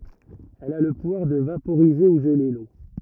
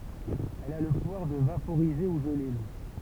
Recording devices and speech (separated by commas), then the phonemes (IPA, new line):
rigid in-ear microphone, temple vibration pickup, read sentence
ɛl a lə puvwaʁ də vapoʁize u ʒəle lo